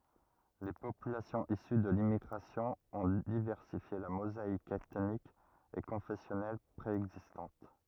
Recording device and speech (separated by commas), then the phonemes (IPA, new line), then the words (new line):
rigid in-ear microphone, read sentence
le popylasjɔ̃z isy də limmiɡʁasjɔ̃ ɔ̃ divɛʁsifje la mozaik ɛtnik e kɔ̃fɛsjɔnɛl pʁeɛɡzistɑ̃t
Les populations issues de l'immigration ont diversifié la mosaïque ethnique et confessionnelle préexistante.